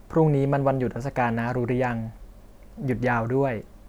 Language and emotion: Thai, neutral